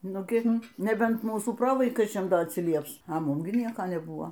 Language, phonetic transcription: Lithuanian, ˈnu ˈgin neˈbent ˈmūsų ˈprovaikaičiam ˈda atsiˈlieps a ˈmum gi ˈnieka neˈbua

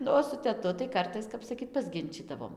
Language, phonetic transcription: Lithuanian, ˈnu o su teˈtu tai ˈkartais ˈkap saˈkyt pasˈginčydavom

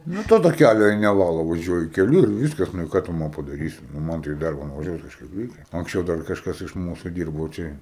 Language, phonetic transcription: Lithuanian, ˈnu to taˈkælio jei neˈvalo vaˈžiuoji keˈliu ir ˈvyskas ˈnu i ˈką tu ˈman padaˈrysi nu ˈman tai i ˈdarba nuvaˈžiuot kažˈkaip ˈreikia anksˈčiau dar kažˈkas iš ˈmūsu ˈdyrbo ˈčia

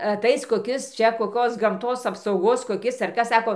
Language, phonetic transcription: Lithuanian, aˈtais koˈkis ˈčia koˈkos gamˈtos apsauˈgos koˈkis ar ˈkas ˈsako

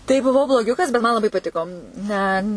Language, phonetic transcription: Lithuanian, tai buˈvau bloˈgiukas bet man laˈbai paˈtiko ne

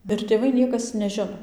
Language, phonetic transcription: Lithuanian, ir tėˈvai ˈniekas neˈžino

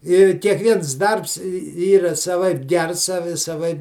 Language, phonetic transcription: Lithuanian, i kiekˈviens ˈdarbs ˈyra saˈvaip ˈgers saˈvi saˈvaip

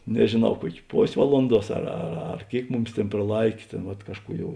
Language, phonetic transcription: Lithuanian, nežėˈnau ˈkuok' ˈpos' ˈvalunˌduos ar ar ˈar ˈkėik ˈmuˌmis ˈtėn praˈlaikė ˈtėn vat ˈkažˌkų ˈjau

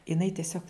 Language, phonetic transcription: Lithuanian, iˈnai tiˈsiog

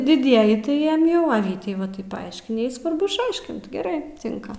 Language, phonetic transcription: Lithuanian, diˈdieji tai ˈjiem ˈjau a ˈvytei va ˈtaip paˈaiškini ˈjai svarˈbu išˈaiškint geˈrai ˈtinka

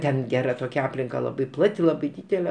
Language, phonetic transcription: Lithuanian, ˈten ˈgera ˈtokia ˈaplinka ˈlabai ˈplati ˈlabai ˈdydele

